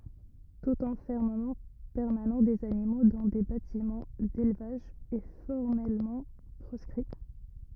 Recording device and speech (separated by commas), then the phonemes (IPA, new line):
rigid in-ear microphone, read sentence
tut ɑ̃fɛʁməmɑ̃ pɛʁmanɑ̃ dez animo dɑ̃ de batimɑ̃ delvaʒ ɛ fɔʁmɛlmɑ̃ pʁɔskʁi